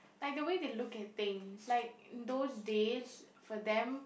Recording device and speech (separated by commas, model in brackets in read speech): boundary microphone, conversation in the same room